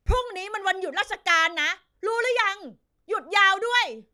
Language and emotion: Thai, angry